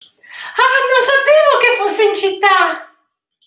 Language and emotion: Italian, happy